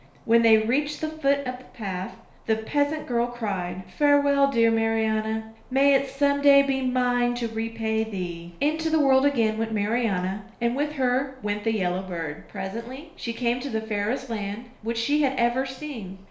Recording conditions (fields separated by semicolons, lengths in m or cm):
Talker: one person; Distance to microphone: 1.0 m; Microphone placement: close; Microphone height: 1.1 m; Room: small (3.7 m by 2.7 m); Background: none